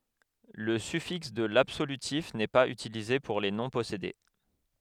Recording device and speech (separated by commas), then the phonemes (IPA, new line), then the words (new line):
headset microphone, read sentence
lə syfiks də labsolytif nɛ paz ytilize puʁ le nɔ̃ pɔsede
Le suffixe de l'absolutif n'est pas utilisé pour les noms possédés.